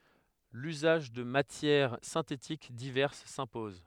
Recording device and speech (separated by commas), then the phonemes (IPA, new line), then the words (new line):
headset microphone, read sentence
lyzaʒ də matjɛʁ sɛ̃tetik divɛʁs sɛ̃pɔz
L'usage de matières synthétiques diverses s'impose.